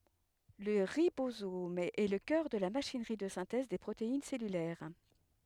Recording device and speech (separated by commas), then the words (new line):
headset microphone, read sentence
Le ribosome est le cœur de la machinerie de synthèse des protéines cellulaires.